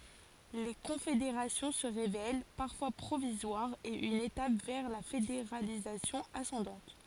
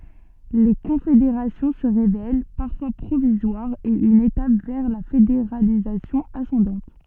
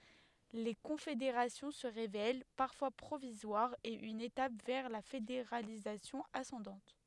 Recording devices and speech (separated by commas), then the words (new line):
forehead accelerometer, soft in-ear microphone, headset microphone, read sentence
Les confédérations se révèlent parfois provisoires et une étape vers la fédéralisation ascendante.